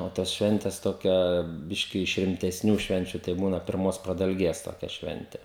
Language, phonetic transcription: Lithuanian, o ˈtas ˈšventes ˈtokia ˈbiški iš rimtesˈnių ˈšvenčiu tai ˈbūna pirˈmos pradalˈgės toˈkia ˈšvente

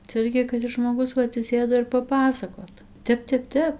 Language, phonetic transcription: Lithuanian, cia ˈirgi kad ˈis žmoˈgus ˈva atsiˈsėdo ir paˈpasakot ˈtep ˈtep ˈtep

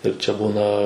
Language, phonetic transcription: Lithuanian, ir čia ˈbūna

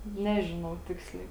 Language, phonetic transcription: Lithuanian, ˈnežinau ˈtiksliai

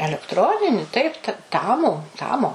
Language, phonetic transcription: Lithuanian, elekˈtronini ˈtaip ta ˈtamu ˈtamo

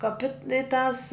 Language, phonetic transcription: Lithuanian, kaˈpit i tas

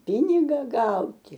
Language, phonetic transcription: Lithuanian, ˈpiniga ˈgauti

